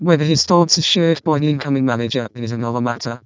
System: VC, vocoder